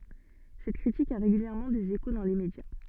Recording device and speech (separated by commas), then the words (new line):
soft in-ear microphone, read sentence
Cette critique a régulièrement des échos dans les médias.